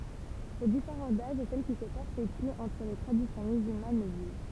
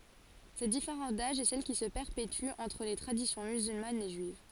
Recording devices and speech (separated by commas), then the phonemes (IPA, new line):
temple vibration pickup, forehead accelerometer, read sentence
sɛt difeʁɑ̃s daʒ ɛ sɛl ki sə pɛʁpety ɑ̃tʁ le tʁadisjɔ̃ myzylmanz e ʒyiv